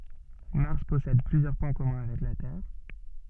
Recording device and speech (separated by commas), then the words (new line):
soft in-ear microphone, read sentence
Mars possède plusieurs points communs avec la Terre.